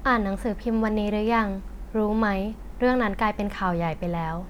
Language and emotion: Thai, neutral